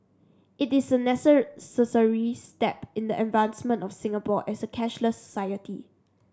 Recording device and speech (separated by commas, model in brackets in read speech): standing microphone (AKG C214), read sentence